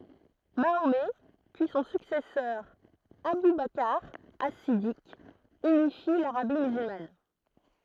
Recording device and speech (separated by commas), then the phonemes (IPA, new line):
throat microphone, read sentence
maomɛ pyi sɔ̃ syksɛsœʁ abu bakʁ as sidik ynifi laʁabi myzylman